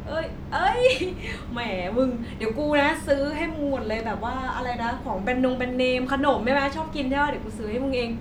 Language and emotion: Thai, happy